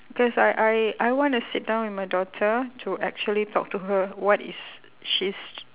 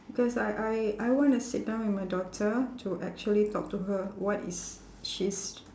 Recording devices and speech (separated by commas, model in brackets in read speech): telephone, standing microphone, conversation in separate rooms